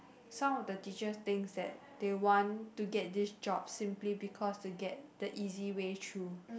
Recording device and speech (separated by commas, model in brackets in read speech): boundary microphone, conversation in the same room